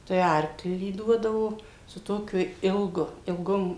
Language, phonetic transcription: Lithuanian, tai ˈarklį ˈduodavo su ˈtokiu ˈilgu ilˈgom

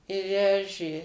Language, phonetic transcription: Lithuanian, i ˈvežė

